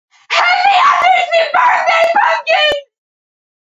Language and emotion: English, fearful